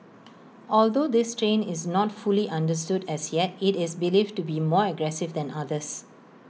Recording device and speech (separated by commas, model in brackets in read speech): mobile phone (iPhone 6), read sentence